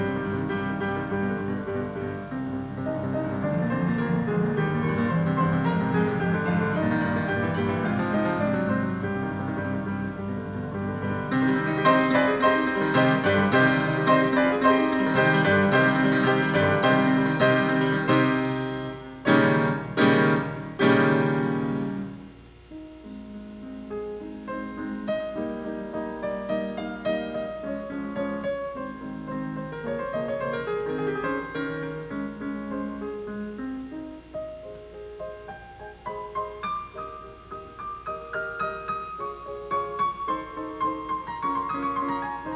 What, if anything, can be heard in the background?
Music.